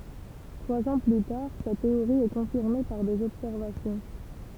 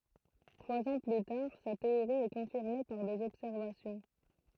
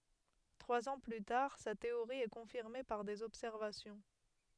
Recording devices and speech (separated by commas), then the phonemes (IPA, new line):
temple vibration pickup, throat microphone, headset microphone, read sentence
tʁwaz ɑ̃ ply taʁ sa teoʁi ɛ kɔ̃fiʁme paʁ dez ɔbsɛʁvasjɔ̃